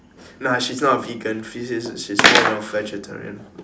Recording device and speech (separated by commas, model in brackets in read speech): standing microphone, conversation in separate rooms